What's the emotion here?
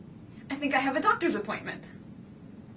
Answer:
fearful